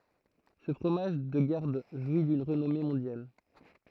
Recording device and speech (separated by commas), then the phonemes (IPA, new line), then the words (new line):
throat microphone, read sentence
sə fʁomaʒ də ɡaʁd ʒwi dyn ʁənɔme mɔ̃djal
Ce fromage de garde jouit d'une renommée mondiale.